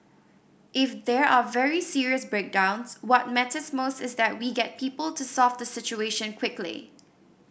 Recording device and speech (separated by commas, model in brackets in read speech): boundary microphone (BM630), read sentence